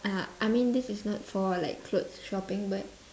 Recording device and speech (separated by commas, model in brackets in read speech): standing microphone, conversation in separate rooms